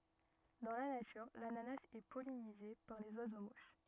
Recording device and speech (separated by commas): rigid in-ear microphone, read sentence